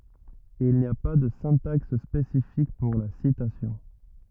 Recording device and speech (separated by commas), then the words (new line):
rigid in-ear microphone, read sentence
Il n'y a pas de syntaxe spécifique pour la citation.